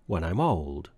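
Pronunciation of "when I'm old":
'When I'm old' is said as one long joined sound with no pauses between the words, and the m of 'I'm' links into the o of 'old'. The stress pattern is weak, weak, strong, with the stress on 'old'.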